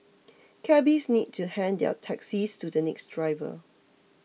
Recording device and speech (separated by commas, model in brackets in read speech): mobile phone (iPhone 6), read sentence